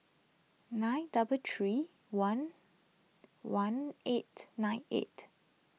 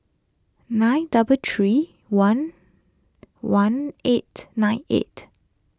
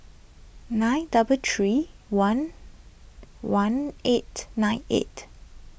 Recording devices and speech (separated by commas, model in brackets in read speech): mobile phone (iPhone 6), close-talking microphone (WH20), boundary microphone (BM630), read sentence